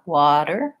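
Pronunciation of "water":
In 'water', the t is a flap: it sounds like a light little d, said briefly and lightly with the voice on.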